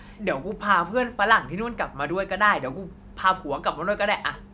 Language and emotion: Thai, happy